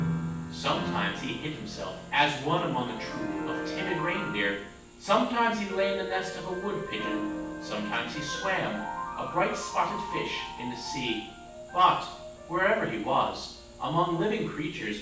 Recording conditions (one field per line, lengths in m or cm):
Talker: one person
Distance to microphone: 9.8 m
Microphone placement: far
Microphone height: 1.8 m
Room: large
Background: music